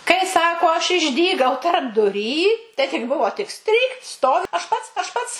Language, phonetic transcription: Lithuanian, kai ˈsako aš išˈdygau tarpduˈry tai tik ˈbuvo tik ˈstrykt ˈstovi aš ˈpats aš ˈpats

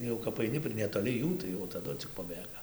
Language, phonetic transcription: Lithuanian, jau kap aiˈni pri netoˈli ˈjų tai jau taˈdu cik paˈbėga

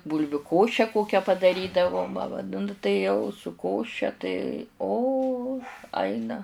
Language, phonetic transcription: Lithuanian, ˈbūlviu ˈkoše ˈkokia padaˈrydavo nu tai ˈjau su ˈkoše tai o ˈaina

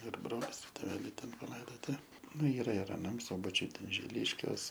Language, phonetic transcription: Lithuanian, ir ˈbrolis ˈtėveliai ˈten paˈlaidoti ˈnu ˈyra ir aˈnam ˈsubačiuj ˈten žiˈliškiuos

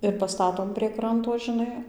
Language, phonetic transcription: Lithuanian, ir paˈstatom prie ˈkranto žiˈnai

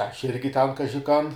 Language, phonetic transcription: Lithuanian, ˈaš ˈirgi ˈten ˈkaži ˈkan

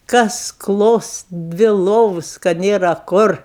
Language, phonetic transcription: Lithuanian, ˈkas ˈklos ˈdvi ˈlovus ka ˈnėra ˈkur

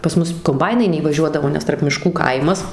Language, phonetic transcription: Lithuanian, pas ˈmus komˈbainai neįvaˈžiuodavo nes tarp miˈškų ˈkaimas

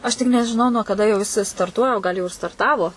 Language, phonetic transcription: Lithuanian, ˈaš tik nežiˈnau nuo kaˈda jau jiˈsai starˈtuoja ˈgal jau ir starˈtavo

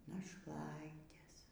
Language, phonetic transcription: Lithuanian, našˈlaitės

